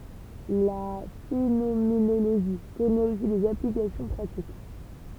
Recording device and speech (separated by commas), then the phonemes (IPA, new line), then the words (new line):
temple vibration pickup, read sentence
la fenomenoloʒi kɔnɛt osi dez aplikasjɔ̃ pʁatik
La phénoménologie connaît aussi des applications pratiques.